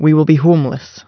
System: none